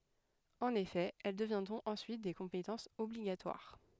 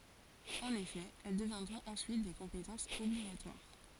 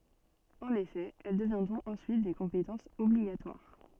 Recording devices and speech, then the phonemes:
headset microphone, forehead accelerometer, soft in-ear microphone, read sentence
ɑ̃n efɛ ɛl dəvjɛ̃dʁɔ̃t ɑ̃syit de kɔ̃petɑ̃sz ɔbliɡatwaʁ

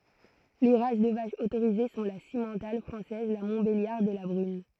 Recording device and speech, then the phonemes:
throat microphone, read sentence
le ʁas də vaʃz otoʁize sɔ̃ la simmɑ̃tal fʁɑ̃sɛz la mɔ̃tbeljaʁd e la bʁyn

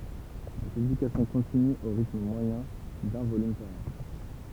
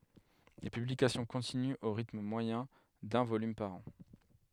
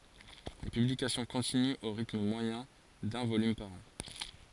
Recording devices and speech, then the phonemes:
temple vibration pickup, headset microphone, forehead accelerometer, read sentence
le pyblikasjɔ̃ kɔ̃tinyt o ʁitm mwajɛ̃ dœ̃ volym paʁ ɑ̃

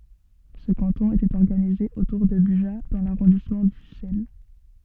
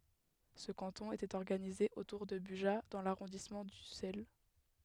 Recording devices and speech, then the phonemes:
soft in-ear microphone, headset microphone, read sentence
sə kɑ̃tɔ̃ etɛt ɔʁɡanize otuʁ də byʒa dɑ̃ laʁɔ̃dismɑ̃ dysɛl

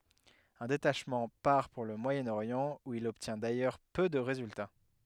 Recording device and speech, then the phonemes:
headset microphone, read sentence
œ̃ detaʃmɑ̃ paʁ puʁ lə mwajənoʁjɑ̃ u il ɔbtjɛ̃ dajœʁ pø də ʁezylta

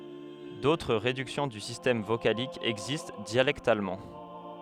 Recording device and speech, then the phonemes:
headset microphone, read sentence
dotʁ ʁedyksjɔ̃ dy sistɛm vokalik ɛɡzist djalɛktalmɑ̃

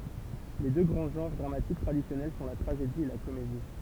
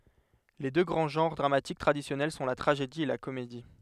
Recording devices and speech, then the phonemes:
temple vibration pickup, headset microphone, read sentence
le dø ɡʁɑ̃ ʒɑ̃ʁ dʁamatik tʁadisjɔnɛl sɔ̃ la tʁaʒedi e la komedi

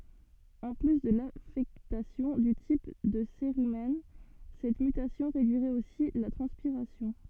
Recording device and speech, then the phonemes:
soft in-ear microphone, read sentence
ɑ̃ ply də lafɛktasjɔ̃ dy tip də seʁymɛn sɛt mytasjɔ̃ ʁedyiʁɛt osi la tʁɑ̃spiʁasjɔ̃

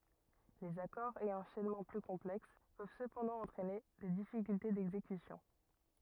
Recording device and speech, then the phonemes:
rigid in-ear microphone, read sentence
lez akɔʁz e ɑ̃ʃɛnmɑ̃ ply kɔ̃plɛks pøv səpɑ̃dɑ̃ ɑ̃tʁɛne de difikylte dɛɡzekysjɔ̃

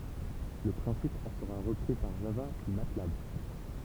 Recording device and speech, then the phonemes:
temple vibration pickup, read sentence
lə pʁɛ̃sip ɑ̃ səʁa ʁəpʁi paʁ ʒava pyi matlab

